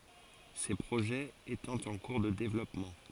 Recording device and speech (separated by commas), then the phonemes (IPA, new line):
forehead accelerometer, read sentence
se pʁoʒɛz etɑ̃ ɑ̃ kuʁ də devlɔpmɑ̃